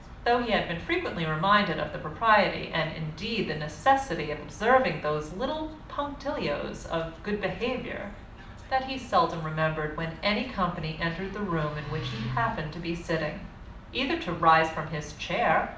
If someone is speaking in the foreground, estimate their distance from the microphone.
2.0 m.